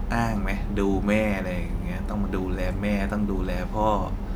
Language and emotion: Thai, frustrated